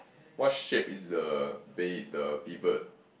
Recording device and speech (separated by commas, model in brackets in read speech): boundary microphone, conversation in the same room